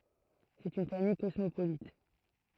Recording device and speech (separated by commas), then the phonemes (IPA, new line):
throat microphone, read sentence
sɛt yn famij kɔsmopolit